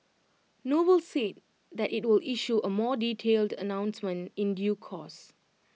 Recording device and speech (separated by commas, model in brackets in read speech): mobile phone (iPhone 6), read sentence